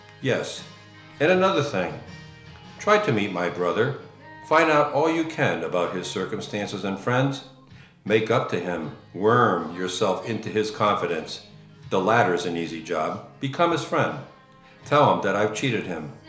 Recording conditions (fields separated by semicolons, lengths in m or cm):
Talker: one person; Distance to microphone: 1.0 m; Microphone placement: close; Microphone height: 1.1 m; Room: small (3.7 m by 2.7 m); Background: music